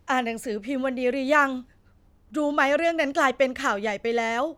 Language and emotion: Thai, sad